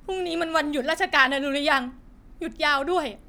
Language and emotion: Thai, sad